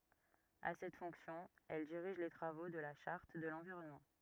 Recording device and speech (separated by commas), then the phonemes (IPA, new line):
rigid in-ear microphone, read sentence
a sɛt fɔ̃ksjɔ̃ ɛl diʁiʒ le tʁavo də la ʃaʁt də lɑ̃viʁɔnmɑ̃